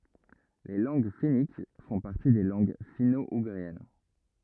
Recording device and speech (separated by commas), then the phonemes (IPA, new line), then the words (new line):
rigid in-ear microphone, read sentence
le lɑ̃ɡ fɛnik fɔ̃ paʁti de lɑ̃ɡ fino uɡʁiɛn
Les langues fenniques font partie des langues finno-ougriennes.